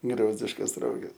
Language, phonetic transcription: Lithuanian, ˈgriozdiškas ˈroges

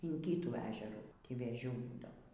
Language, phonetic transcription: Lithuanian, in ˈkytų ˈežerų ˈtį vėˈžių ˈbūdavo

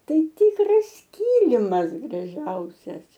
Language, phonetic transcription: Lithuanian, ˈtai ˈtykras ˈkilimas graˈžiausias

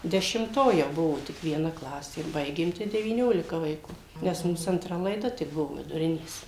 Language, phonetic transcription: Lithuanian, dešimˈto jau ˈbuvo tik vieˈna ˈklasė ˈbaigėm tai devyˈniolika vaiˈkų nes ˈmūs antˈra laiˈda tik ˈbuvo viduˈrinės

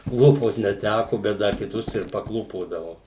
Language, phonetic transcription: Lithuanian, ˈklūpot neˈtæku bet ˈdar kiˈtus ir paˈklūpodavo

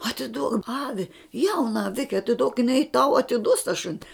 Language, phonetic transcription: Lithuanian, atiˈduok ˈavi ˈjauna aˈvike atiˈduok jiˈnai tau atiˈduos ta ˈšuni

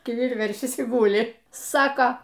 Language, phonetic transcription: Lithuanian, kiˈvir ˈveršis y ˈgūli ˈsako

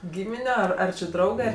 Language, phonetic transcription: Lithuanian, ˈgymine ˈar ar či ˈdraugɜ

